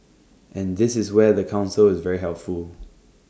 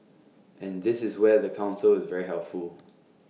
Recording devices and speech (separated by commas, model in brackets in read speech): standing microphone (AKG C214), mobile phone (iPhone 6), read sentence